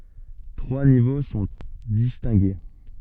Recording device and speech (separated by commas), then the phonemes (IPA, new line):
soft in-ear microphone, read sentence
tʁwa nivo sɔ̃ distɛ̃ɡe